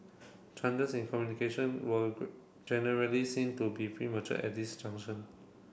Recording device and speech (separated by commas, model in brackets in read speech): boundary microphone (BM630), read sentence